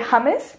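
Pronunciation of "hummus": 'Hummus' is pronounced incorrectly here.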